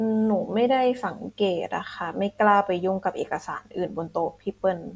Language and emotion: Thai, neutral